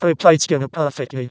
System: VC, vocoder